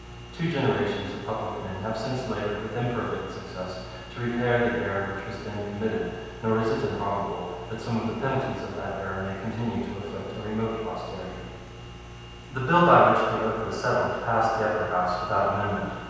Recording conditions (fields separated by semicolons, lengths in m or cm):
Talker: one person; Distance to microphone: 7.1 m; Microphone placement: far; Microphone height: 1.7 m; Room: very reverberant, large; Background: none